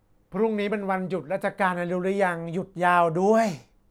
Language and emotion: Thai, frustrated